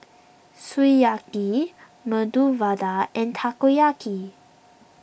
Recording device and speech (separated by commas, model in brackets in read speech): boundary microphone (BM630), read sentence